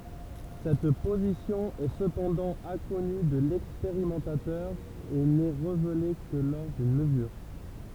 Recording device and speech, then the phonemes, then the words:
temple vibration pickup, read sentence
sɛt pozisjɔ̃ ɛ səpɑ̃dɑ̃ ɛ̃kɔny də lɛkspeʁimɑ̃tatœʁ e nɛ ʁevele kə lɔʁ dyn məzyʁ
Cette position est cependant inconnue de l'expérimentateur et n'est révélée que lors d'une mesure.

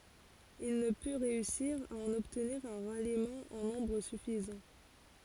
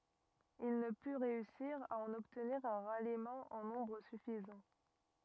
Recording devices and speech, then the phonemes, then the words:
forehead accelerometer, rigid in-ear microphone, read sentence
il nə py ʁeysiʁ a ɑ̃n ɔbtniʁ œ̃ ʁalimɑ̃ ɑ̃ nɔ̃bʁ syfizɑ̃
Il ne put réussir à en obtenir un ralliement en nombre suffisant.

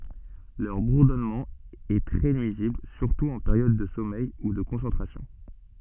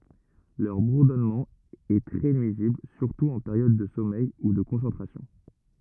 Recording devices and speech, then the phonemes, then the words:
soft in-ear microphone, rigid in-ear microphone, read sentence
lœʁ buʁdɔnmɑ̃ ɛ tʁɛ nyizibl syʁtu ɑ̃ peʁjɔd də sɔmɛj u də kɔ̃sɑ̃tʁasjɔ̃
Leur bourdonnement est très nuisible, surtout en période de sommeil ou de concentration.

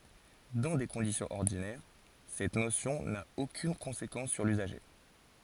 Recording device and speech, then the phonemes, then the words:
forehead accelerometer, read sentence
dɑ̃ de kɔ̃disjɔ̃z ɔʁdinɛʁ sɛt nosjɔ̃ na okyn kɔ̃sekɑ̃s syʁ lyzaʒe
Dans des conditions ordinaires, cette notion n'a aucune conséquence sur l'usager.

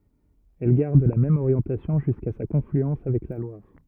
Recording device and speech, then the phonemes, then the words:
rigid in-ear microphone, read sentence
ɛl ɡaʁd la mɛm oʁjɑ̃tasjɔ̃ ʒyska sa kɔ̃flyɑ̃s avɛk la lwaʁ
Elle garde la même orientation jusqu'à sa confluence avec la Loire.

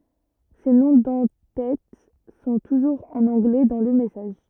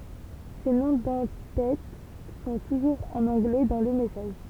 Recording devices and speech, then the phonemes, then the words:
rigid in-ear microphone, temple vibration pickup, read sentence
se nɔ̃ dɑ̃ tɛt sɔ̃ tuʒuʁz ɑ̃n ɑ̃ɡlɛ dɑ̃ lə mɛsaʒ
Ces noms d'en-têtes sont toujours en anglais dans le message.

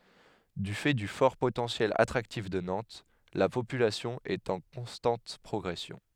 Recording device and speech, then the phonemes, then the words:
headset microphone, read sentence
dy fɛ dy fɔʁ potɑ̃sjɛl atʁaktif də nɑ̃t la popylasjɔ̃ ɛt ɑ̃ kɔ̃stɑ̃t pʁɔɡʁɛsjɔ̃
Du fait du fort potentiel attractif de Nantes, la population est en constante progression.

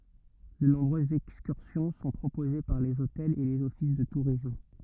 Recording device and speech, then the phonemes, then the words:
rigid in-ear microphone, read sentence
də nɔ̃bʁøzz ɛkskyʁsjɔ̃ sɔ̃ pʁopoze paʁ lez otɛlz e lez ɔfis də tuʁism
De nombreuses excursions sont proposées par les hôtels et les offices de tourisme.

